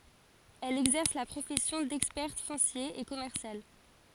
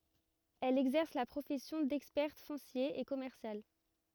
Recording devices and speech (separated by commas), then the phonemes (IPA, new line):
forehead accelerometer, rigid in-ear microphone, read sentence
ɛl ɛɡzɛʁs la pʁofɛsjɔ̃ dɛkspɛʁt fɔ̃sje e kɔmɛʁsjal